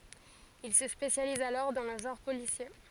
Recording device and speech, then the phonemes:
forehead accelerometer, read sentence
il sə spesjaliz alɔʁ dɑ̃ lə ʒɑ̃ʁ polisje

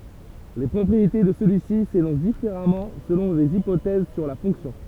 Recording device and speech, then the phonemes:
temple vibration pickup, read sentence
le pʁɔpʁiete də səlyi si senɔ̃s difeʁamɑ̃ səlɔ̃ lez ipotɛz syʁ la fɔ̃ksjɔ̃

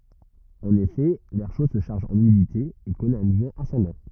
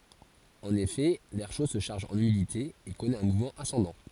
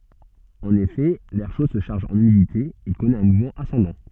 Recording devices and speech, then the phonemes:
rigid in-ear microphone, forehead accelerometer, soft in-ear microphone, read sentence
ɑ̃n efɛ lɛʁ ʃo sə ʃaʁʒ ɑ̃n ymidite e kɔnɛt œ̃ muvmɑ̃ asɑ̃dɑ̃

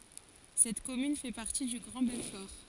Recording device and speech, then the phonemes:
forehead accelerometer, read sentence
sɛt kɔmyn fɛ paʁti dy ɡʁɑ̃ bɛlfɔʁ

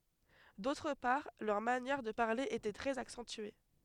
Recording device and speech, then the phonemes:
headset microphone, read sentence
dotʁ paʁ lœʁ manjɛʁ də paʁle etɛ tʁɛz aksɑ̃tye

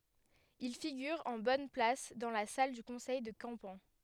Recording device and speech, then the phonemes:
headset microphone, read sentence
il fiɡyʁ ɑ̃ bɔn plas dɑ̃ la sal dy kɔ̃sɛj də kɑ̃pɑ̃

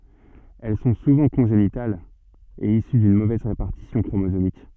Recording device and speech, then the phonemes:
soft in-ear microphone, read sentence
ɛl sɔ̃ suvɑ̃ kɔ̃ʒenitalz e isy dyn movɛz ʁepaʁtisjɔ̃ kʁomozomik

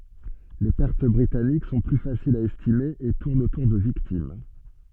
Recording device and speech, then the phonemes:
soft in-ear microphone, read sentence
le pɛʁt bʁitanik sɔ̃ ply fasilz a ɛstime e tuʁnt otuʁ də viktim

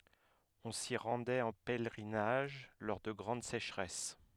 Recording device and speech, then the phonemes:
headset microphone, read sentence
ɔ̃ si ʁɑ̃dɛt ɑ̃ pɛlʁinaʒ lɔʁ də ɡʁɑ̃d seʃʁɛs

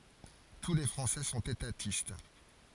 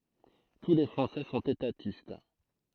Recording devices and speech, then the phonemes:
forehead accelerometer, throat microphone, read sentence
tu le fʁɑ̃sɛ sɔ̃t etatist

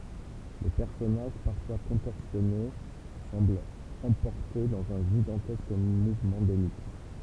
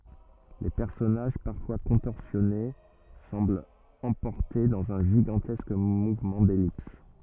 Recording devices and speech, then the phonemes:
temple vibration pickup, rigid in-ear microphone, read sentence
le pɛʁsɔnaʒ paʁfwa kɔ̃tɔʁsjɔne sɑ̃blt ɑ̃pɔʁte dɑ̃z œ̃ ʒiɡɑ̃tɛsk muvmɑ̃ dɛlips

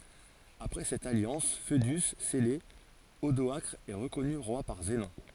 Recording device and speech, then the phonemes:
forehead accelerometer, read sentence
apʁɛ sɛt aljɑ̃s foədy sɛle odɔakʁ ɛ ʁəkɔny ʁwa paʁ zənɔ̃

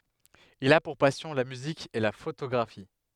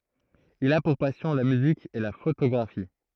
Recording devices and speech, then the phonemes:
headset microphone, throat microphone, read sentence
il a puʁ pasjɔ̃ la myzik e la fotoɡʁafi

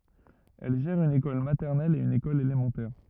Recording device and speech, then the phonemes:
rigid in-ear microphone, read sentence
ɛl ʒɛʁ yn ekɔl matɛʁnɛl e yn ekɔl elemɑ̃tɛʁ

